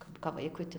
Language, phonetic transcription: Lithuanian, ˈkap kap ˈvaikui ta

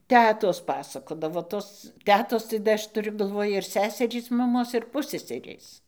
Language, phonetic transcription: Lithuanian, ˈtetos ˈpasakodavo tos ˈtetos tai da ˈaš tuˈriu galˈvoj ir ˈseserys maˈmos ir ˈpusseserės

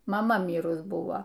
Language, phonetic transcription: Lithuanian, maˈma ˈmyrus ˈbuvo

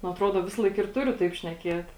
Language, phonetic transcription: Lithuanian, nu aˈtruoda ˈvisalaik ir ˈturiu taip šneˈkiet

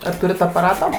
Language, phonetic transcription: Lithuanian, ar ˈturit apaˈrato

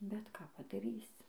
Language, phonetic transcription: Lithuanian, bet ˈką padaˈrysi

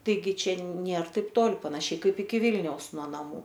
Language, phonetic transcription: Lithuanian, taiˈgi ˈčia ˈnėr ˈtaip ˈtol panaˈšiai ˈkaip iki ˈvilniaus nuo naˈmų

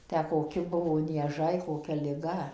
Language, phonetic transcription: Lithuanian, ˈtę koˈki ˈbuvo nieˈžai koˈkia liˈga

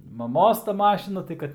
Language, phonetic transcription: Lithuanian, maˈmos ta ˈmašina tai ˈkad

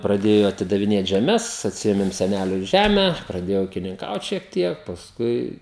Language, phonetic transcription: Lithuanian, praˈdėjo atidaviˈnėt žeˈmes atsiˈėmim seˈnæliu ˈžæme praˈdėjau ūkininˈkaut šiek ˈtiek pasˈkui

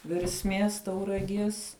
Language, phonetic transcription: Lithuanian, versˈmies tauraˈgies

